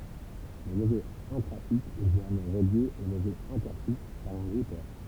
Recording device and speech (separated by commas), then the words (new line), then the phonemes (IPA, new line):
temple vibration pickup, read sentence
Le réseau intra-site est généralement relié au réseau inter-site par un routeur.
lə ʁezo ɛ̃tʁazit ɛ ʒeneʁalmɑ̃ ʁəlje o ʁezo ɛ̃tɛʁsit paʁ œ̃ ʁutœʁ